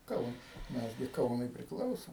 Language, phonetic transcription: Lithuanian, ˈkaunas ˈmes gi ˈkaunui priˈklausom

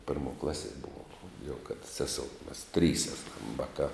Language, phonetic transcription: Lithuanian, ˈpirmo ˈklaˌsie ˈbuvom jau kad ˈseˌsou mas ˈtrys ˈeˌsam ˈvaˌkā

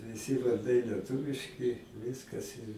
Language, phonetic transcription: Lithuanian, viˈsi varˈdai lieˈtuviški ˈviskas ir

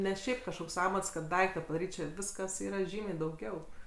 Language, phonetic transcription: Lithuanian, ˈne ˈšiaip kažˈkoks ˈamats kad ˈdaikta padaˈryt ˈčia ˈviskas ˈyra ˈžymiai dauˈgiau

